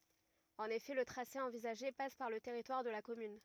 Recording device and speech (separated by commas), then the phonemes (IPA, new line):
rigid in-ear microphone, read sentence
ɑ̃n efɛ lə tʁase ɑ̃vizaʒe pas paʁ lə tɛʁitwaʁ də la kɔmyn